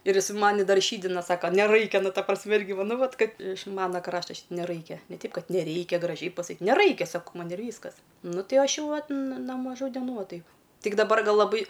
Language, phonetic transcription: Lithuanian, ir ˈjis ˈmani ˈdar ˈšydina ˈsaka neˈraikia ˈnu ˈta prasˈmi ˈirgi ˈva ˈnu ˈvat ˈkad iš ˈmana ˈkrašta neˈraikia ne ˈteip ˈkad neˈreikia graˈžiai pasaˈkyt neˈraikia ˈsako ˈman ir ˈvyskas ˈnu ˈti ˈaš ˈjau ˈvat n no maˈžų deˈnų ˈva ˈtaip ˈtik daˈbar ˈgal laˈbai

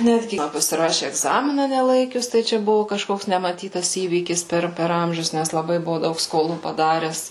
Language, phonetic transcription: Lithuanian, ˈnetgi man pasiˈraši egˈzamina neˈlaikius tai ˈčia ˈbuvu kažˈkoks nemaˈtytas ˈįvykis ˈper per ˈamžius ˈnæs laˈbai ˈbuvu ˈdaug skoˈlų paˈdares

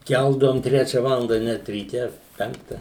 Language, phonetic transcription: Lithuanian, ˈkældavom ˈtrečia ˈvalanda net ryˈte ˈpenkta

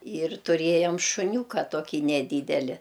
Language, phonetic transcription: Lithuanian, ir tuˈrėjam šuˈniūka ˈtokį neˈdydeli

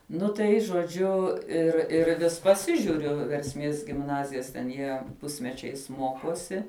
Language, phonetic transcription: Lithuanian, ˈnu tai žoˈdžiu ˈir ir ˈvis paˈsižiuriu versˈmės gimˈnazijas ten ˈjie ˈpusmečiais ˈmokosi

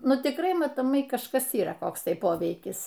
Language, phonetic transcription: Lithuanian, ˈnu tikˈrai matoˈmai kažˈkas yˈra ˈkoks ˈtai ˈpoveikis

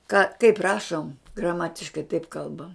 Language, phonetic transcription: Lithuanian, ka kaip ˈrašom graˈmatiškai taip ˈkalbam

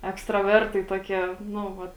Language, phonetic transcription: Lithuanian, ekstraˈvertai ˈtuoˌkie ˈnu ˈvat

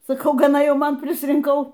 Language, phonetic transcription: Lithuanian, saˈkau gaˈna ˈjau ˈman prisrinˈkau

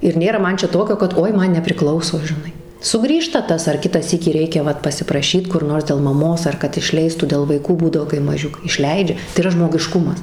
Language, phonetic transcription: Lithuanian, ir ˈnėra ˈman ˈčia ˈtokio kad ˈoi ˈman nepriˈklauso žiˈnai suˈgrįžta ˈtas ar ˈkitą ˈsykį ˈreikia ˈvat pasipraˈšyt kur ˈnors del maˈmos ar ˈkad išˈleistų del vaiˈkų ˈbūdavo kai maˈžiukai ˈišleidžia tai yˈra žmogiˈškumas

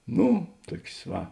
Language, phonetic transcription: Lithuanian, ˈnu ˈtuok's' ˈva

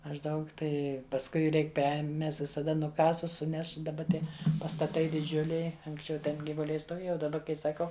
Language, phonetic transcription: Lithuanian, mažˈdaug ˈtai pasˈkui ˈreik ˈper ˈmes visaˈda nuˈkasus ˈsuneš daˈba ˈtie pastaˈtai diˈdžiuliai anksˈčiau ten gyvuˈliai stoˈvėja o daˈba kai saˈkau

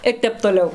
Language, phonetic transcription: Lithuanian, ir ˈtep toˈliau

